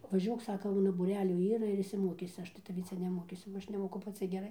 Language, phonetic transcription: Lithuanian, vaˈžiuok ˈsaka ˈuna būˈrelių ˈyra ir išsiˈmokysi ˈaš tai taˈvį ˈcia neˈmokysiu ba ˈaš neˈmoku paˈci geˈrai

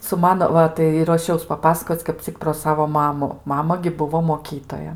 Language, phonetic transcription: Lithuanian, su ˈmano ˈva tai i ruoˈšiaus paˈpasakoc kap ˈcik pro ˈsavo ˈmamu ˈmama gi ˈbuvo moˈkytoja

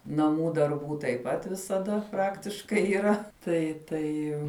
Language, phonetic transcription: Lithuanian, naˈmų darˈbų taip ˈpat visaˈda ˈpraktiškai yˈra tai ˈtai

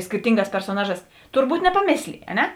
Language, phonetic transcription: Lithuanian, skirˈtinˌgās persoˈnaˌžās turˈbūt nepaˈmėslėj a ˈne

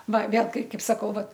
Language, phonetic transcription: Lithuanian, ˈva ˈvėl ˈkai ˈkaip saˈkau ˈvat

